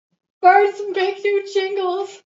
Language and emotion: English, fearful